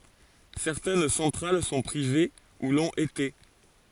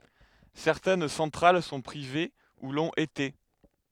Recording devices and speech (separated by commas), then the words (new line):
forehead accelerometer, headset microphone, read sentence
Certaines centrales sont privées, ou l’ont été.